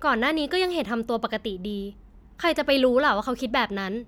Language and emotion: Thai, frustrated